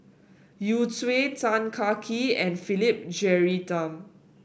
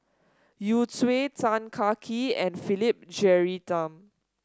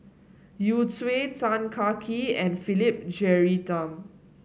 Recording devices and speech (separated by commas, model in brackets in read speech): boundary microphone (BM630), standing microphone (AKG C214), mobile phone (Samsung S8), read sentence